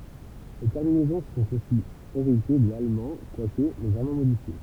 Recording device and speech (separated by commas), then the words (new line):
temple vibration pickup, read sentence
Les terminaisons sont aussi héritées de l'allemand, quoique légèrement modifiées.